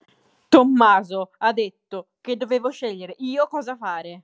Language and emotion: Italian, angry